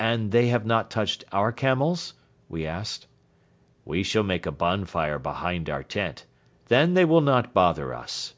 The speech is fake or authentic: authentic